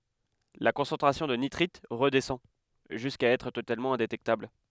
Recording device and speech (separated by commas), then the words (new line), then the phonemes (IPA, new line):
headset microphone, read sentence
La concentration de nitrites redescend jusqu'à être totalement indétectable.
la kɔ̃sɑ̃tʁasjɔ̃ də nitʁit ʁədɛsɑ̃ ʒyska ɛtʁ totalmɑ̃ ɛ̃detɛktabl